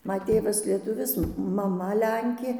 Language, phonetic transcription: Lithuanian, ˈma ˈtėvas lieˈtuvis maˈma ˈlenkė

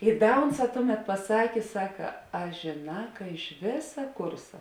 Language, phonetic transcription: Lithuanian, i ˈda ˈunˌsā ˈtuˌmet paˈsakė ˈsaka a žėˈnā ka iš ˈvėsa ˈkursa

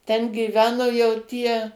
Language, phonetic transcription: Lithuanian, ten gyˈveno jau ˈtie

